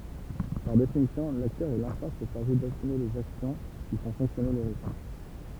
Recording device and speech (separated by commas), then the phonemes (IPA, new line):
temple vibration pickup, read sentence
paʁ definisjɔ̃ laktœʁ ɛ lɛ̃stɑ̃s ʃaʁʒe dasyme lez aksjɔ̃ ki fɔ̃ fɔ̃ksjɔne lə ʁesi